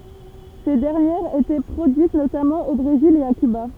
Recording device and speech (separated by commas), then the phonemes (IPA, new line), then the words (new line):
temple vibration pickup, read sentence
se dɛʁnjɛʁz etɛ pʁodyit notamɑ̃ o bʁezil e a kyba
Ces dernières étaient produites notamment au Brésil et à Cuba.